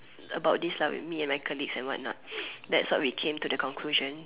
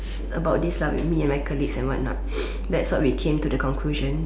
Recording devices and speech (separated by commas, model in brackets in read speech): telephone, standing microphone, conversation in separate rooms